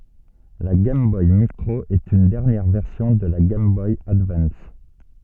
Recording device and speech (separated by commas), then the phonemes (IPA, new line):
soft in-ear microphone, read sentence
la ɡɛjm bɔj mikʁo ɛt yn dɛʁnjɛʁ vɛʁsjɔ̃ də la ɡɛjm bɔj advɑ̃s